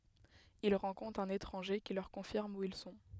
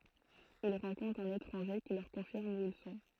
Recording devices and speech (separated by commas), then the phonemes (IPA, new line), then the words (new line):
headset microphone, throat microphone, read sentence
il ʁɑ̃kɔ̃tʁt œ̃n etʁɑ̃ʒe ki lœʁ kɔ̃fiʁm u il sɔ̃
Ils rencontrent un étranger qui leur confirme où ils sont.